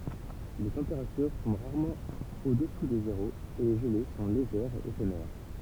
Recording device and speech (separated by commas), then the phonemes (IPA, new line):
temple vibration pickup, read sentence
le tɑ̃peʁatyʁ tɔ̃b ʁaʁmɑ̃ odɛsu də zeʁo e le ʒəle sɔ̃ leʒɛʁz e efemɛʁ